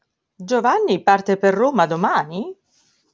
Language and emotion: Italian, surprised